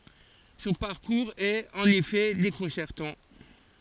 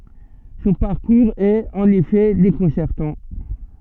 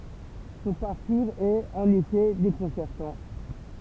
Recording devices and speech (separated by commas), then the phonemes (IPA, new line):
forehead accelerometer, soft in-ear microphone, temple vibration pickup, read sentence
sɔ̃ paʁkuʁz ɛt ɑ̃n efɛ dekɔ̃sɛʁtɑ̃